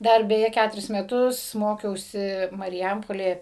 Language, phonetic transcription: Lithuanian, ˈdar beˈje ˈkæturis meˈtus ˈmokiausi mariˈjampolėje

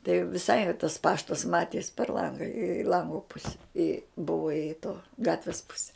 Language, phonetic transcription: Lithuanian, tai viˈsai tas ˈpaštas ˈmaties per ˈlanga i ˈlango ˈpuse i ˈbuvo i to ˈgatvis ˈpuse

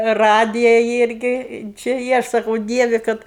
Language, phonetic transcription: Lithuanian, ˈradija ˈirgi či ˈji ˈaš saˈkau ˈdievi ˈkad

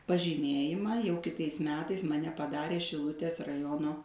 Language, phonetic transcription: Lithuanian, pažyˈmėjimą jau kiˈtais ˈmetais maˈne paˈdarė šiˈlutės raˈjono

